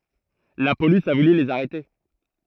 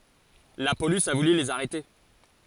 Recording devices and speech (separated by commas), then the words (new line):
throat microphone, forehead accelerometer, read sentence
La police a voulu les arrêter.